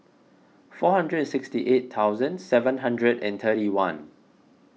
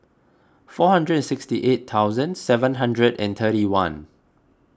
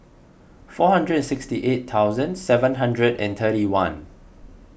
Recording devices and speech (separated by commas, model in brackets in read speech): mobile phone (iPhone 6), close-talking microphone (WH20), boundary microphone (BM630), read sentence